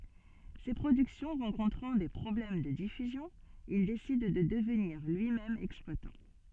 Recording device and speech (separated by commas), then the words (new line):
soft in-ear microphone, read sentence
Ses productions rencontrant des problèmes de diffusion, il décide de devenir lui-même exploitant.